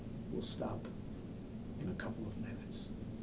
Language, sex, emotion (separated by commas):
English, male, neutral